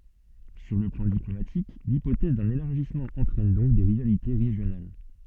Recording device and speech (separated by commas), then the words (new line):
soft in-ear microphone, read sentence
Sur le plan diplomatique, l'hypothèse d'un élargissement entraîne donc des rivalités régionales.